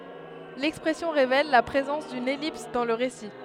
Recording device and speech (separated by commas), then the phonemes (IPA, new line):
headset microphone, read sentence
lɛkspʁɛsjɔ̃ ʁevɛl la pʁezɑ̃s dyn ɛlips dɑ̃ lə ʁesi